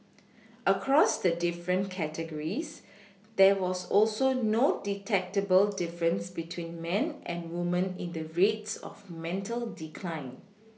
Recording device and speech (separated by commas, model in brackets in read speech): mobile phone (iPhone 6), read sentence